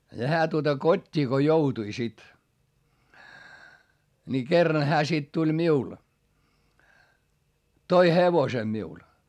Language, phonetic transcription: Finnish, ja hää tuota kot́t́ii ko joutui sit , ni kerran hää sit tuĺ miul , toi hevose miul .
- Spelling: ja hän tuota kotiin kun joutui sitten niin kerran hän sitten tuli minulle toi hevosen minulle

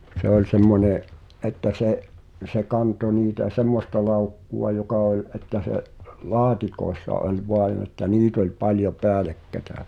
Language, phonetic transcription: Finnish, 'se ‿oĺ 'semmońè’ , ’että 'se’ , se 'kanto niitä "semmosta 'làukku₍a jokà oĺ , ’että se’ , "la̳a̳tikòessa oĺ 'voaⁱn ‿että "niit ‿oĺ paljo "peälekkätä .
- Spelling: se oli semmoinen että se se kantoi niitä semmoista laukkua joka oli että se laatikoissa oli vain että niitä oli paljon päällekkäin

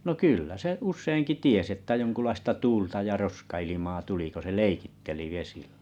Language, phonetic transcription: Finnish, nò 'kullä se 'us̆seiŋki 'ties ‿ettᵃ̈ 'joŋkulaista "tu͕lta ja "roska₍ilimaa 'tuli ko se "leikitteli 'vesiʟʟᴀ̈ .
- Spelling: no kyllä se useinkin tiesi että jonkunlaista tuulta ja roskailmaa tuli kun se leikitteli vesillä

